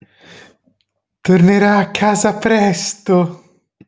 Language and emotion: Italian, happy